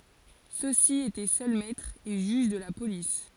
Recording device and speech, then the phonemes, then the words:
forehead accelerometer, read sentence
sø si etɛ sœl mɛtʁz e ʒyʒ də la polis
Ceux-ci étaient seuls maîtres et juges de la police.

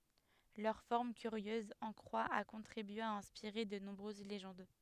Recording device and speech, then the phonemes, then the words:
headset microphone, read sentence
lœʁ fɔʁm kyʁjøz ɑ̃ kʁwa a kɔ̃tʁibye a ɛ̃spiʁe də nɔ̃bʁøz leʒɑ̃d
Leur forme curieuse en croix a contribué à inspirer de nombreuses légendes.

